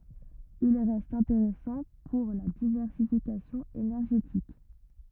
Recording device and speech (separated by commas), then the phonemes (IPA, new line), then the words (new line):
rigid in-ear microphone, read sentence
il ʁɛst ɛ̃teʁɛsɑ̃ puʁ la divɛʁsifikasjɔ̃ enɛʁʒetik
Il reste intéressant pour la diversification énergétique.